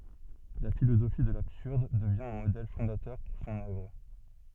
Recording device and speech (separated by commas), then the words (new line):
soft in-ear microphone, read sentence
La philosophie de l'absurde devient un modèle fondateur pour son œuvre.